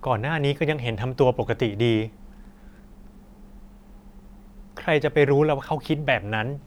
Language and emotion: Thai, sad